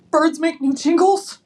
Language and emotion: English, fearful